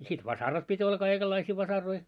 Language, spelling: Finnish, ja sitten vasarat piti olla kaikenlaisia vasaroita
- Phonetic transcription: ja sit "vasarat 'pit́ ‿olla 'kaikellaisii 'vasaroi .

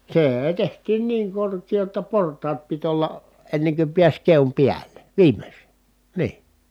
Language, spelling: Finnish, se tehtiin niin korkea jotta portaat piti olla ennen kuin pääsi keon päälle viimeksi niin
- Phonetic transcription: see₍e tehtiin niiŋ korkii jotta port̀aat pit ‿olla , enneŋ ky piäś keom piäl̀e , viimes nii .

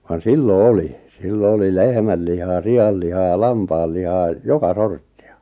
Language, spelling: Finnish, vaan silloin oli silloin oli lehmän lihaa sian lihaa lampaan lihaa joka sorttia
- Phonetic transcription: van "sillo "oli , 'sillo oli "lehmäl 'lihaa "si₍al 'lihaa "lampaal 'lihaa , "joka "sorttɪ₍ᴀ .

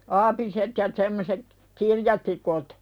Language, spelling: Finnish, aapiset ja semmoiset kirjatikut
- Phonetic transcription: 'aapiset ja semmoset , "kirjatikut .

